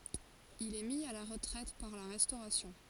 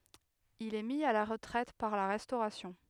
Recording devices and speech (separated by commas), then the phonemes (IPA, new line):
forehead accelerometer, headset microphone, read sentence
il ɛ mi a la ʁətʁɛt paʁ la ʁɛstoʁasjɔ̃